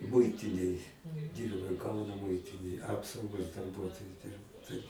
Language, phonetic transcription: Lithuanian, ˈmuitinėj ˈdyrbau ˈkauno ˈmuitinėj ˈapsaugos darˈbuotoju ˈdirbau taip

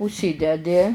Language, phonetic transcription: Lithuanian, užˈsydedi

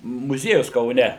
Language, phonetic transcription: Lithuanian, muˈziejus kauˈne

